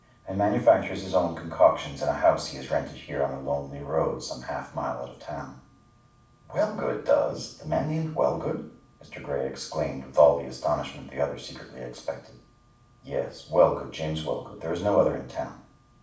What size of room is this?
A mid-sized room (about 5.7 m by 4.0 m).